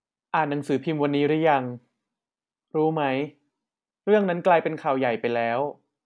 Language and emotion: Thai, neutral